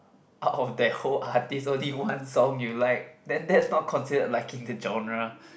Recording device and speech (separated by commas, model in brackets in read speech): boundary microphone, conversation in the same room